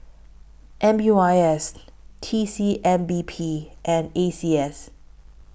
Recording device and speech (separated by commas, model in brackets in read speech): boundary microphone (BM630), read sentence